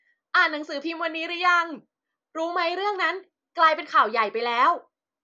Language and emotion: Thai, happy